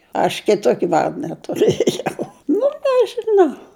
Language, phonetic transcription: Lithuanian, aš kiˈtoki ˈvarda tuˈrɘjau nu nežiˈnau

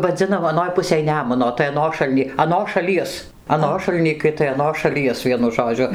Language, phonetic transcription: Lithuanian, vaˈdzinam aˈnoj ˈpusėj ˈnemuno tai aˈnošalny aˈnos šaˈlies aˈnošal nykai tai aˈnos šaˈlies ˈvienu ˈžodžiu

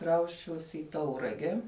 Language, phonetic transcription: Lithuanian, ˈkrausčiausi i ˈtaurage

